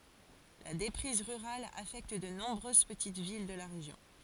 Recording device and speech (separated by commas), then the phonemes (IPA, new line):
forehead accelerometer, read sentence
la depʁiz ʁyʁal afɛkt də nɔ̃bʁøz pətit vil də la ʁeʒjɔ̃